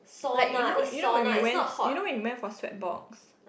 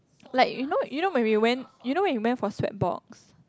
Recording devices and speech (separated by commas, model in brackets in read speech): boundary microphone, close-talking microphone, conversation in the same room